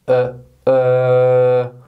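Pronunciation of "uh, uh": Each 'uh' is a long noise, the long version of the schwa sound.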